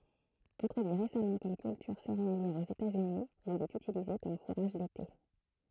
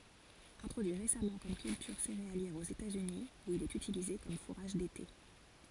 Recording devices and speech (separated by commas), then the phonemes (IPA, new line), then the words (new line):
throat microphone, forehead accelerometer, read sentence
ɛ̃tʁodyi ʁesamɑ̃ kɔm kyltyʁ seʁealjɛʁ oz etatsyni u il ɛt ytilize kɔm fuʁaʒ dete
Introduit récemment comme culture céréalière aux États-Unis, où il est utilisé comme fourrage d'été.